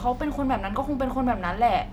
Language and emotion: Thai, frustrated